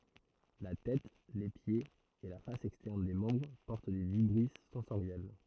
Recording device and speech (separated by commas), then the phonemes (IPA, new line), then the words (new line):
throat microphone, read sentence
la tɛt le pjez e la fas ɛkstɛʁn de mɑ̃bʁ pɔʁt de vibʁis sɑ̃soʁjɛl
La tête, les pieds et la face externe des membres portent des vibrisses sensorielles.